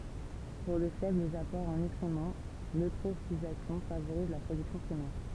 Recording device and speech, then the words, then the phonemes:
temple vibration pickup, read sentence
Pour de faibles apports en nutriments, l'eutrophisation favorise la production primaire.
puʁ də fɛblz apɔʁz ɑ̃ nytʁimɑ̃ løtʁofizasjɔ̃ favoʁiz la pʁodyksjɔ̃ pʁimɛʁ

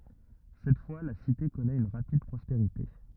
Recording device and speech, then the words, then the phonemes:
rigid in-ear microphone, read sentence
Cette fois la cité connaît une rapide prospérité.
sɛt fwa la site kɔnɛt yn ʁapid pʁɔspeʁite

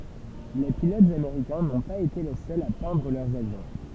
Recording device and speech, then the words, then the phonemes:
temple vibration pickup, read sentence
Les pilotes américains n'ont pas été les seuls à peindre leurs avions.
le pilotz ameʁikɛ̃ nɔ̃ paz ete le sœlz a pɛ̃dʁ lœʁz avjɔ̃

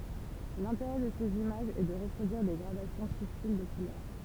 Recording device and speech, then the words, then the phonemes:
temple vibration pickup, read sentence
L’intérêt de ces images est de reproduire des gradations subtiles de couleurs.
lɛ̃teʁɛ də sez imaʒz ɛ də ʁəpʁodyiʁ de ɡʁadasjɔ̃ sybtil də kulœʁ

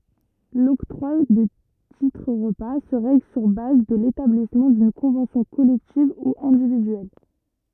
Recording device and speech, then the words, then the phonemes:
rigid in-ear microphone, read sentence
L'octroi de titres-repas se règle sur base de l'établissement d'une convention collective ou individuelle.
lɔktʁwa də titʁ ʁəpa sə ʁɛɡl syʁ baz də letablismɑ̃ dyn kɔ̃vɑ̃sjɔ̃ kɔlɛktiv u ɛ̃dividyɛl

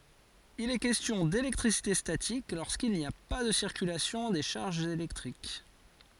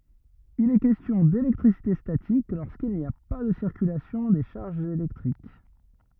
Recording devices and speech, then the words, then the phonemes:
forehead accelerometer, rigid in-ear microphone, read sentence
Il est question d'électricité statique lorsqu'il n'y a pas de circulation des charges électriques.
il ɛ kɛstjɔ̃ delɛktʁisite statik loʁskil ni a pa də siʁkylasjɔ̃ de ʃaʁʒz elɛktʁik

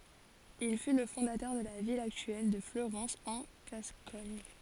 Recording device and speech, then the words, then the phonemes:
forehead accelerometer, read sentence
Il fut le fondateur de la ville actuelle de Fleurance en Gascogne.
il fy lə fɔ̃datœʁ də la vil aktyɛl də fløʁɑ̃s ɑ̃ ɡaskɔɲ

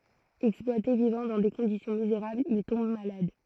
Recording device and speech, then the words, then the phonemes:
throat microphone, read sentence
Exploité, vivant dans des conditions misérables, il tombe malade.
ɛksplwate vivɑ̃ dɑ̃ de kɔ̃disjɔ̃ mizeʁablz il tɔ̃b malad

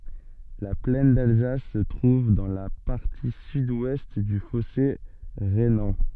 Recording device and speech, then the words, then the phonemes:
soft in-ear microphone, read sentence
La plaine d'Alsace se trouve dans la partie sud-ouest du fossé rhénan.
la plɛn dalzas sə tʁuv dɑ̃ la paʁti sydwɛst dy fɔse ʁenɑ̃

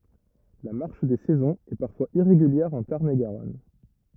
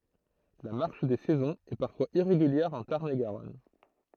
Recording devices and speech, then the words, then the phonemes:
rigid in-ear microphone, throat microphone, read sentence
La marche des saisons est parfois irrégulière en Tarn-et-Garonne.
la maʁʃ de sɛzɔ̃z ɛ paʁfwaz iʁeɡyljɛʁ ɑ̃ taʁn e ɡaʁɔn

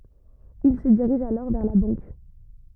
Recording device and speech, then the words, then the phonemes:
rigid in-ear microphone, read sentence
Il se dirige alors vers la banque.
il sə diʁiʒ alɔʁ vɛʁ la bɑ̃k

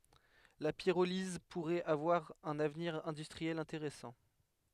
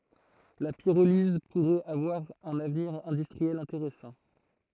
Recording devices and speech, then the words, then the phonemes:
headset microphone, throat microphone, read sentence
La pyrolyse pourrait avoir un avenir industriel intéressant.
la piʁoliz puʁɛt avwaʁ œ̃n avniʁ ɛ̃dystʁiɛl ɛ̃teʁɛsɑ̃

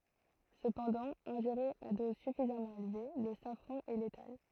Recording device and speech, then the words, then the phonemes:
throat microphone, read sentence
Cependant, ingéré à dose suffisamment élevée, le safran est létal.
səpɑ̃dɑ̃ ɛ̃ʒeʁe a dɔz syfizamɑ̃ elve lə safʁɑ̃ ɛ letal

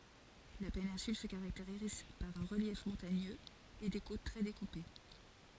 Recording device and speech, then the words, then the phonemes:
forehead accelerometer, read sentence
La péninsule se caractérise par un relief montagneux et des côtes très découpées.
la penɛ̃syl sə kaʁakteʁiz paʁ œ̃ ʁəljɛf mɔ̃taɲøz e de kot tʁɛ dekupe

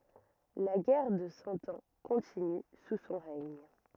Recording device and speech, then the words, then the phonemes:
rigid in-ear microphone, read sentence
La guerre de Cent Ans continue sous son règne.
la ɡɛʁ də sɑ̃ ɑ̃ kɔ̃tiny su sɔ̃ ʁɛɲ

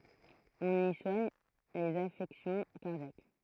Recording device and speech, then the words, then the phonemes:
throat microphone, read sentence
On y soigne les affections cardiaques.
ɔ̃n i swaɲ lez afɛksjɔ̃ kaʁdjak

